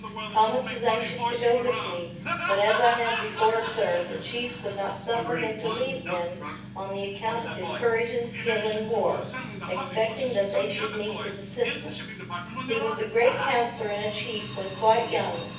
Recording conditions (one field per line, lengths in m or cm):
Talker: one person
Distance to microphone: 9.8 m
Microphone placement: far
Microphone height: 1.8 m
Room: large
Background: television